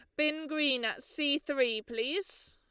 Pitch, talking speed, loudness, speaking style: 295 Hz, 155 wpm, -31 LUFS, Lombard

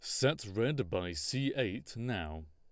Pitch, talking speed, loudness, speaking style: 90 Hz, 155 wpm, -35 LUFS, Lombard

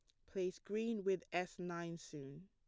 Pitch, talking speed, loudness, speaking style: 175 Hz, 165 wpm, -43 LUFS, plain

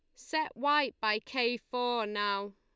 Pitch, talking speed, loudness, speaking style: 240 Hz, 155 wpm, -32 LUFS, Lombard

